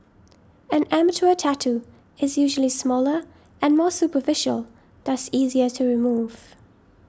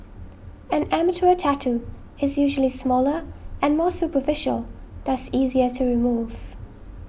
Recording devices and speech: standing microphone (AKG C214), boundary microphone (BM630), read sentence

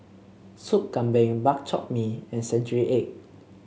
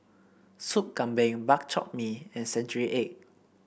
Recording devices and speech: mobile phone (Samsung C7), boundary microphone (BM630), read sentence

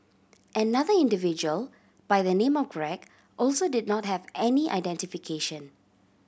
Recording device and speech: boundary microphone (BM630), read sentence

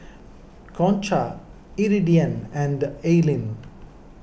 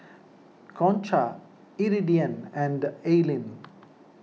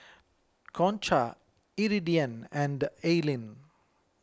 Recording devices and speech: boundary microphone (BM630), mobile phone (iPhone 6), close-talking microphone (WH20), read sentence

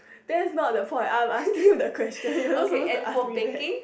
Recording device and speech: boundary microphone, conversation in the same room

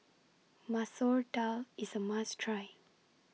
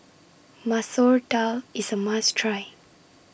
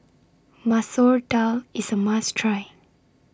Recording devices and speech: mobile phone (iPhone 6), boundary microphone (BM630), standing microphone (AKG C214), read sentence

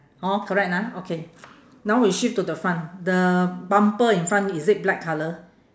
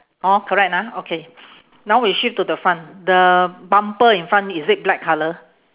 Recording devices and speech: standing microphone, telephone, conversation in separate rooms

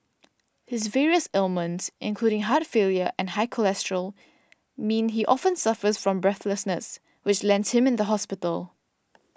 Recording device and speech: standing microphone (AKG C214), read sentence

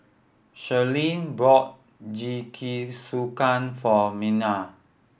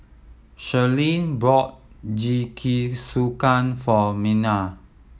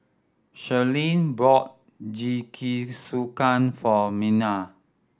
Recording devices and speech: boundary microphone (BM630), mobile phone (iPhone 7), standing microphone (AKG C214), read sentence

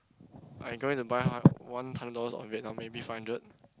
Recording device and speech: close-talking microphone, conversation in the same room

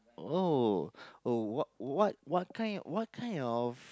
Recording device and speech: close-talking microphone, conversation in the same room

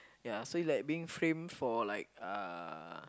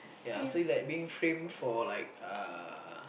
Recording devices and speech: close-talking microphone, boundary microphone, conversation in the same room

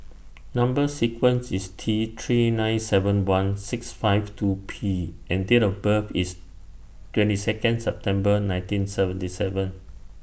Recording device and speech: boundary microphone (BM630), read sentence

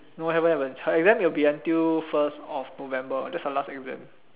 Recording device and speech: telephone, conversation in separate rooms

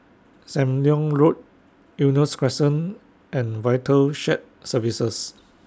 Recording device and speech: standing microphone (AKG C214), read sentence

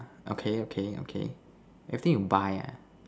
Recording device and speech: standing microphone, conversation in separate rooms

